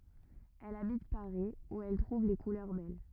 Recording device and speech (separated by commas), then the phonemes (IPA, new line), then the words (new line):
rigid in-ear microphone, read sentence
ɛl abit paʁi u ɛl tʁuv le kulœʁ bɛl
Elle habite Paris où elle trouve les couleurs belles.